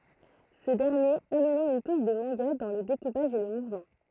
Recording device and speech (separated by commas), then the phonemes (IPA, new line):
throat microphone, read sentence
sə dɛʁnjeʁ amnɑ̃ yn tuʃ də mɑ̃ɡa dɑ̃ lə dekupaʒ e lə muvmɑ̃